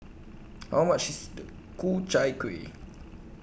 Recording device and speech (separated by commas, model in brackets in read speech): boundary microphone (BM630), read sentence